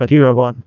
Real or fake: fake